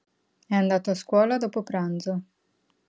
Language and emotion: Italian, neutral